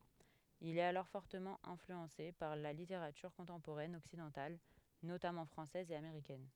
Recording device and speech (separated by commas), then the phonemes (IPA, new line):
headset microphone, read sentence
il ɛt alɔʁ fɔʁtəmɑ̃ ɛ̃flyɑ̃se paʁ la liteʁatyʁ kɔ̃tɑ̃poʁɛn ɔksidɑ̃tal notamɑ̃ fʁɑ̃sɛz e ameʁikɛn